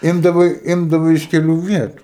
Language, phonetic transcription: Lithuanian, ˈimdavai ˈimdavai iš keˈlių ˈvietu

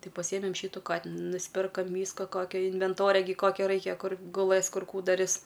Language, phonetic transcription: Lithuanian, ˈtai paˈsyjemem ˈšytu ˈkatinu nusˈpirkom ˈvyska ˈkokio invenˈtoria gi ˈkokio ˈraikia ˈkur guˈlɘs ˈkur ˈkų daˈris

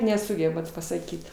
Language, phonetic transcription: Lithuanian, neˈsugebat pasaˈkyt

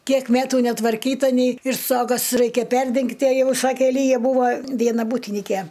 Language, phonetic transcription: Lithuanian, ˈkiek ˈmætu netvarˈkyta nei ir ˈstogas ˈraikia ˈperdengti a ˈjau ˈsakė ˈlyja ˈbūvo ˈviena ˈbūtinike

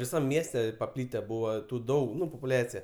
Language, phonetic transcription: Lithuanian, viˈsam ˈmieste paˈplyte ˈbūva ˈtų ˈdaug ˈnu popuˈliacija

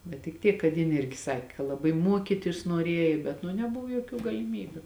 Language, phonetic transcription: Lithuanian, bet tik ˈtiek kad ˈjin ˈirgi ˈsaki ka laˈbai muoˈkytis nuoˈrėji bet nu neˈbuvo joˈkių galiˈmybiu

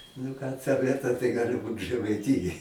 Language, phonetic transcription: Lithuanian, nu ˈką ˈta ˈvieta tai ˈgali ˈbūt žɜmaiˈtijoj

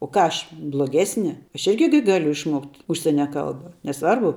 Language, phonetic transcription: Lithuanian, o ˈką ˈaš bloˈgesni ˈaš ˈirgi gi ˈgaliu išˈmokt' užˈsienia ˈkalba neˈsvarbu

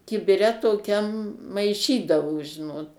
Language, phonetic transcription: Lithuanian, kibiˈre toˈkiam maiˈšydavo ˈžinot

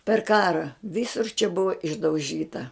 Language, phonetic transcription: Lithuanian, per ˈkara ˈvysur čia ˈbuva išdauˈžyta

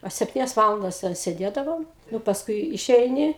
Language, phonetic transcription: Lithuanian, a sepˈtynias ˈvalandas ten seˈdėdavom ˈnu pasˈkui iˈšeini

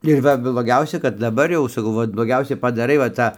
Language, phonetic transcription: Lithuanian, ir ˈva bloˈgiausia kad daˈbar jau saˈkau ˈvat bloˈgiausia paˈdarai va ˈtą

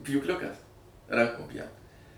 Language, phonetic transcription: Lithuanian, pjūkˈliukas ˈrankom ˈpjaut

